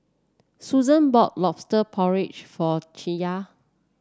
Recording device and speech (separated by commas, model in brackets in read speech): standing microphone (AKG C214), read sentence